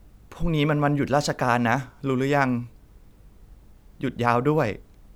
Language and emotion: Thai, sad